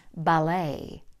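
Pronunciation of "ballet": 'Ballet' has the American pronunciation here, with the stress on the second syllable.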